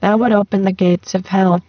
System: VC, spectral filtering